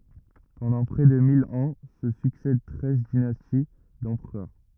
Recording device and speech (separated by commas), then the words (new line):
rigid in-ear microphone, read sentence
Pendant près de mille ans se succèdent treize dynasties d'empereurs.